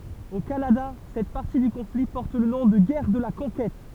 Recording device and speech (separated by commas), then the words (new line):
temple vibration pickup, read sentence
Au Canada, cette partie du conflit porte le nom de Guerre de la Conquête.